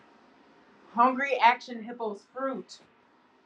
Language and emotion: English, sad